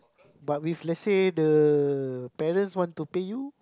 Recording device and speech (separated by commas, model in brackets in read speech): close-talking microphone, conversation in the same room